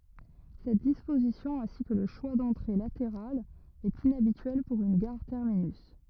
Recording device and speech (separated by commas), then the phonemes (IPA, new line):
rigid in-ear microphone, read sentence
sɛt dispozisjɔ̃ ɛ̃si kə lə ʃwa dɑ̃tʁe lateʁalz ɛt inabityɛl puʁ yn ɡaʁ tɛʁminys